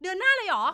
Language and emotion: Thai, happy